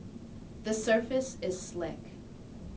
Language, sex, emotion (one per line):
English
female
neutral